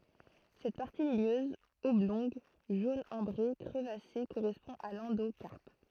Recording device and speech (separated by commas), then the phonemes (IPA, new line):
throat microphone, read sentence
sɛt paʁti liɲøz ɔblɔ̃ɡ ʒon ɑ̃bʁe kʁəvase koʁɛspɔ̃ a lɑ̃dokaʁp